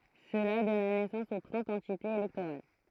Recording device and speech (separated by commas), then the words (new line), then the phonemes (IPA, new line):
throat microphone, read sentence
Cela donna naissance aux trente entités électorales.
səla dɔna nɛsɑ̃s o tʁɑ̃t ɑ̃titez elɛktoʁal